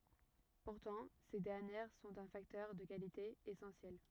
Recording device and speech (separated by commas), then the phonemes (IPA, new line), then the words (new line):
rigid in-ear microphone, read sentence
puʁtɑ̃ se dɛʁnjɛʁ sɔ̃t œ̃ faktœʁ də kalite esɑ̃sjɛl
Pourtant, ces dernières sont un facteur de qualité essentiel.